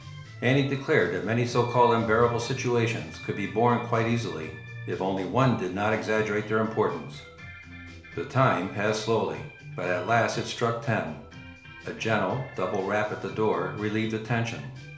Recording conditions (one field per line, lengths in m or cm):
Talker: one person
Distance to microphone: 1.0 m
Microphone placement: close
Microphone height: 1.1 m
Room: small (3.7 m by 2.7 m)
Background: music